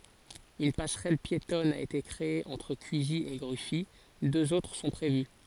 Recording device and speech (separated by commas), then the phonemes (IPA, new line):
forehead accelerometer, read sentence
yn pasʁɛl pjetɔn a ete kʁee ɑ̃tʁ kyzi e ɡʁyfi døz otʁ sɔ̃ pʁevy